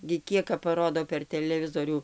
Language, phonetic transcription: Lithuanian, gi ˈkiek kap paˈrodo per teleˈvizorių

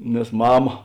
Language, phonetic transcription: Lithuanian, nes ˈmama

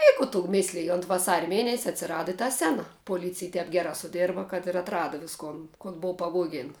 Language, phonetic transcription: Lithuanian, i ˈku tu ˈmislij unt vaˈsaria ˈmėnesia atsiˈrada i ta ˈsena poˈlycij ˈtep ˈgerā suˈdėrba kad ir atˈrada visˈkon kon ˈbou paˈvogėn

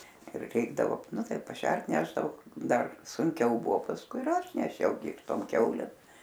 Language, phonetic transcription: Lithuanian, ir ˈreikdavo ˈnu ˈtai paˈšert ˈnešdavo ˈdar sunˈkiau ˈbuvo pasˈkui ir ˈaš neˈšiau gi ir ˈtom ˈkiaulėm

